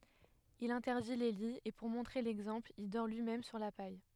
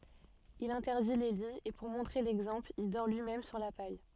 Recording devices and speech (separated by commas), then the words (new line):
headset microphone, soft in-ear microphone, read sentence
Il interdit les lits et pour montrer l’exemple, il dort lui-même sur la paille.